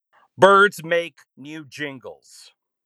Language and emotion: English, disgusted